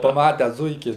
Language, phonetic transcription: Lithuanian, paˈmates ˈzuiki

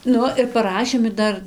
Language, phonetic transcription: Lithuanian, ˈnu ir paˈrašėm ir ˈdar

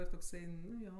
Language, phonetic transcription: Lithuanian, ir tokˈsai ˈnu ˈjo

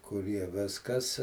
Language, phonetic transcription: Lithuanian, kuˈrie ˈviskas

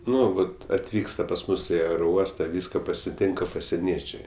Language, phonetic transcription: Lithuanian, ˈnu ˈvat atˈvyksta pas ˈmus i aeroˈuosta ˈvyska pasiˈtinka pasieˈniečiai

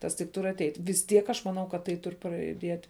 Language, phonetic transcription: Lithuanian, ˈtas tik ˈtur ateit' vis ˈtiek ˈaš maˈnau kad ˈtai ˈturi prajuˈdiet'

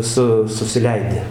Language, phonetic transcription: Lithuanian, ˈsu susiˈleidi

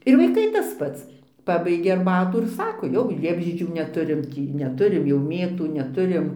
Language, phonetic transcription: Lithuanian, ir vaiˈkai tas ˈpats ˈpabaigė arˈbatų ir ˈsako jau ˈliepžiedžių neˈturim ˈtį neˈturim jau ˈmėtų neˈturim

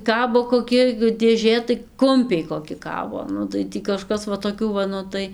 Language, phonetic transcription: Lithuanian, ˈkabo koˈki dėˈžė tai ˈkumpiai koˈki ˈkabo ˈnu tai ˈtį kaˈžkas va toˈkių va ˈnu tai

